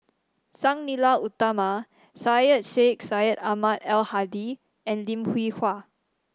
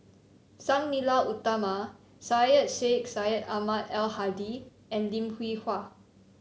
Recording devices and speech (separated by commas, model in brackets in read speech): standing microphone (AKG C214), mobile phone (Samsung C7), read sentence